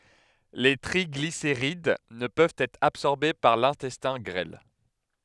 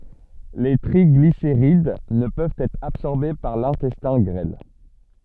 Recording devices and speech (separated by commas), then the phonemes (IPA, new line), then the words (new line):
headset microphone, soft in-ear microphone, read sentence
le tʁiɡliseʁid nə pøvt ɛtʁ absɔʁbe paʁ lɛ̃tɛstɛ̃ ɡʁɛl
Les triglycérides ne peuvent être absorbés par l'intestin grêle.